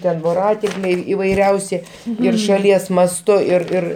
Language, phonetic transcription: Lithuanian, ˈten voˈratinkliai įvaiˈriausi ir šaˈlies masˈtu ir ˈir

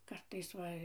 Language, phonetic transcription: Lithuanian, ˈkartais ˈva

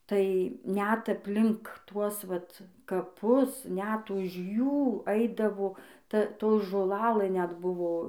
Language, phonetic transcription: Lithuanian, tai net apˈlink ˈtuos ˈvat kaˈpus net ˈuž ˈjų ˈaidavo ˈta ˈto žoˈlalɘ net ˈbuvo

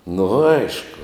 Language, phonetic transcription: Lithuanian, nu ˈaišku

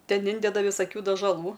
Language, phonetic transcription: Lithuanian, ˈten ˈindeda visaˈkių dažaˈlų

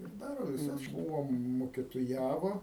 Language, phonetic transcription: Lithuanian, ir ˈdaro viˈsas ˈbūvo mukitoˈjavo

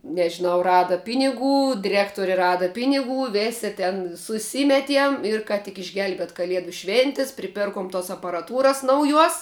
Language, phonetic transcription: Lithuanian, nežiˈnau ˈrada ˈpiniˌgų diˈrektori ˈrada ˈpiniˌgų ˈvėsi ten suˈsimetiem ir ˈka tik išˈgelbiet' kaˈliedu ˈšvėntis priˈpirkom tos aparaˈtūras nauˈjuos

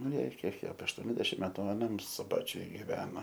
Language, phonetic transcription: Lithuanian, nu ˈjai ˈkiek apie ašˈtuoniasdešim ˈmetu aˈnam suˈbačiuj giˈvena

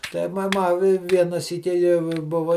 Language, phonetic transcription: Lithuanian, ˈtai ma ˈma i ˈviena ˈsyki jau i ˈbuva

